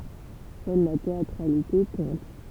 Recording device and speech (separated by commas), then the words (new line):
temple vibration pickup, read sentence
Seule la théâtralité compte.